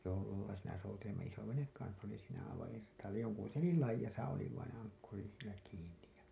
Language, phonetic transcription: Finnish, jollalla siinä soutelimma isovenek 'kans oli siinä aivaa̰ irt̀aall[aan] joŋku telil 'laij̆jasa oli vaineḛ 'aŋkkuri siinä kiin̆nij ja .
- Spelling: jollalla siinä soutelimme isoveneen kanssa oli siinä aivan irtaallaan jonkun telin laidassa oli vainen ankkuri siinä kiinni ja

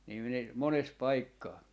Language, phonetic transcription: Finnish, nii (minä) , 'mones 'paikkaa .
- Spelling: niin minä monessa paikkaa

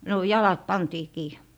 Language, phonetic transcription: Finnish, no , "jalat 'pantii kii .
- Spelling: no jalat pantiin kiinni

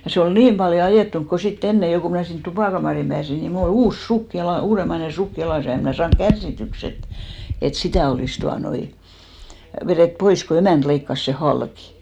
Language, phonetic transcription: Finnish, ja se ol "niim paljo 'ajèttuŋk ko 'sit"t ‿enne jo ku mnä̀ sint 'tupàkamàrihim pääsi ni mul ‿o"l ‿uus 'suk jala- , 'uuremaine "suk jalàs ja 'em mnä̀ 'saaŋk "kärssityks ‿et , et "sitä̀ olìs 'tuanoi , verèt 'pois , ko 'emä̀nt leikkas sè "halkɪ .
- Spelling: ja se oli niin paljon ajettunut kun sitten ennen jo kun minä sinne tupakamariin pääsin niin minulla oli uusi sukka - uudemmainen sukka jalassa ja en minä saanut kärsityksi että että sitä olisi tuota noin vedetty pois kun emäntä leikkasi sen halki

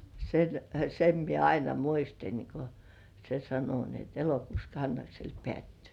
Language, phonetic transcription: Finnish, sen , sem mie "aina 'muistin , ko se sano ni ‿et "elokuus 'Kannaksel "pĕä̀ttyy .
- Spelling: sen sen minä aina muistin kun se sanoi niin että elokuussa Kannaksella päättyy

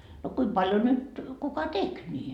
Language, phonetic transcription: Finnish, no 'kuim paljo nyt , 'kuka "tek ńi ,.
- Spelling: no kuinka paljon nyt kuka teki niin

